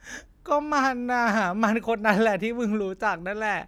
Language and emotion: Thai, sad